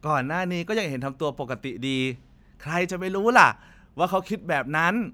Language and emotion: Thai, happy